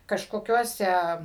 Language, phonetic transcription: Lithuanian, kažkoˈkiuose

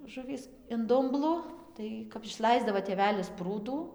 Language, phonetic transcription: Lithuanian, ˈžuvys in ˈdumblu ˈtai kap išˈlaisdavo tėˈvelis ˈprūdų

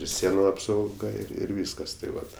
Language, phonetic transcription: Lithuanian, ir ˈsienu apsauˈga ir ˈvyskas tai ˈvat

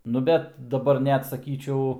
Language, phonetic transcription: Lithuanian, nu ˈbet daˈbar neatsaˈkyčiau

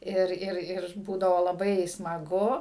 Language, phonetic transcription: Lithuanian, ˈir ir ir ˈbūdavo laˈbai smaˈgu

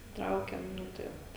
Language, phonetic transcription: Lithuanian, ˈtraukiam ˈnu tai ˈvat

